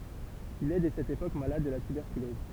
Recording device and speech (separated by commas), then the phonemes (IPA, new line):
temple vibration pickup, read sentence
il ɛ dɛ sɛt epok malad də la tybɛʁkylɔz